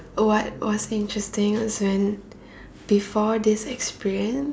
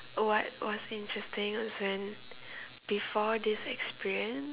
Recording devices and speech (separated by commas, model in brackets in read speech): standing microphone, telephone, conversation in separate rooms